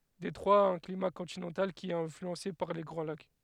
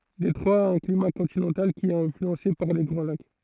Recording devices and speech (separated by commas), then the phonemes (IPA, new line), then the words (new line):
headset microphone, throat microphone, read sentence
detʁwa a œ̃ klima kɔ̃tinɑ̃tal ki ɛt ɛ̃flyɑ̃se paʁ le ɡʁɑ̃ lak
Détroit a un climat continental, qui est influencé par les Grands Lacs.